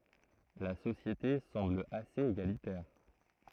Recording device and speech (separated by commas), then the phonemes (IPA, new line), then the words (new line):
throat microphone, read sentence
la sosjete sɑ̃bl asez eɡalitɛʁ
La société semble assez égalitaire.